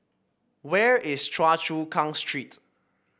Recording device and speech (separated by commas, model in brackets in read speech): boundary microphone (BM630), read sentence